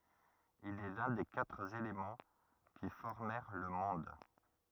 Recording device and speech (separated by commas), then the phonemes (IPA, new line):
rigid in-ear microphone, read sentence
il ɛ lœ̃ de katʁ elemɑ̃ ki fɔʁmɛʁ lə mɔ̃d